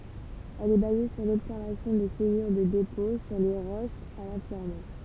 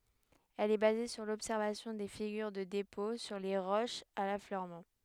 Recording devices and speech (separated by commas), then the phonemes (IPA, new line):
temple vibration pickup, headset microphone, read sentence
ɛl ɛ baze syʁ lɔbsɛʁvasjɔ̃ de fiɡyʁ də depɔ̃ syʁ le ʁoʃz a lafløʁmɑ̃